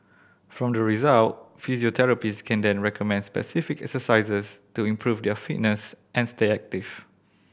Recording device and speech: boundary microphone (BM630), read sentence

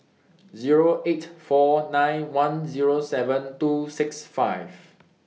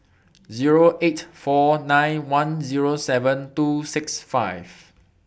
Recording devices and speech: mobile phone (iPhone 6), boundary microphone (BM630), read sentence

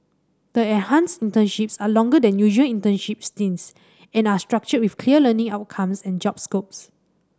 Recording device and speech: standing microphone (AKG C214), read sentence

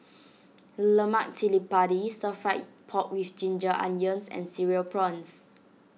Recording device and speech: mobile phone (iPhone 6), read sentence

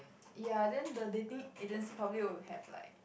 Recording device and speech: boundary microphone, conversation in the same room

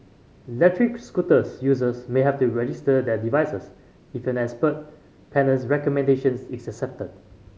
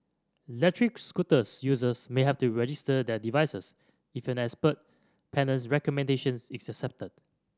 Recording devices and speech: mobile phone (Samsung C5010), standing microphone (AKG C214), read sentence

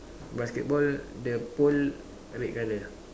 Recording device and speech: standing microphone, conversation in separate rooms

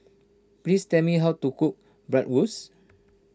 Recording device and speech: standing microphone (AKG C214), read sentence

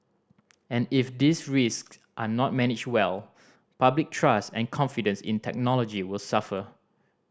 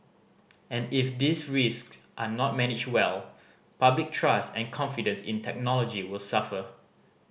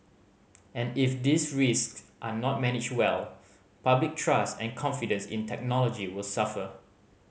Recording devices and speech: standing microphone (AKG C214), boundary microphone (BM630), mobile phone (Samsung C5010), read sentence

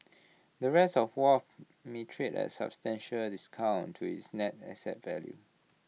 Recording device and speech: mobile phone (iPhone 6), read sentence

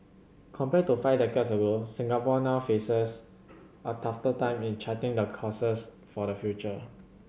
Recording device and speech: mobile phone (Samsung C7100), read sentence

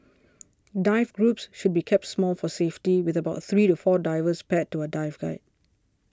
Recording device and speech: standing microphone (AKG C214), read sentence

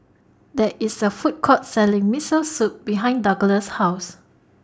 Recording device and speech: standing microphone (AKG C214), read sentence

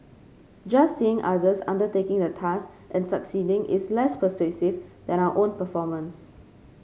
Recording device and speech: mobile phone (Samsung C5), read sentence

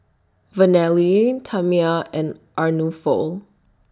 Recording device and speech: standing microphone (AKG C214), read sentence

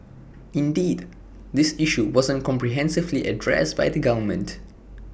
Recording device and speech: boundary microphone (BM630), read sentence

